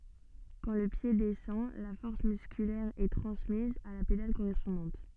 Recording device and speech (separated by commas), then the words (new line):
soft in-ear microphone, read sentence
Quand le pied descend, la force musculaire est transmise à la pédale correspondante.